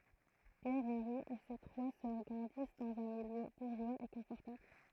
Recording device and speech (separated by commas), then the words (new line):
throat microphone, read sentence
Pierre Henri et ses trois sœurs grandissent dans un milieu bourgeois et confortable.